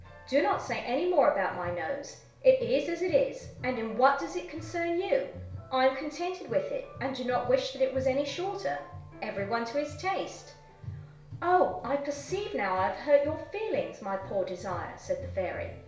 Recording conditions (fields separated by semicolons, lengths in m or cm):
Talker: one person; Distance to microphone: 1.0 m; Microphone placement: close; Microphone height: 1.1 m; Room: small (3.7 m by 2.7 m); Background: music